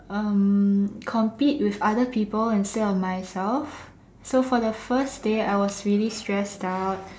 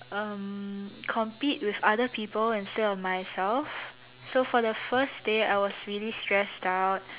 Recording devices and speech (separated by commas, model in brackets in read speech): standing microphone, telephone, conversation in separate rooms